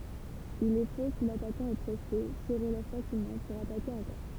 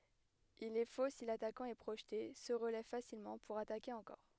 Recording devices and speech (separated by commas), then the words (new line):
temple vibration pickup, headset microphone, read sentence
Il est faux si l’attaquant est projeté, se relève facilement, pour attaquer encore.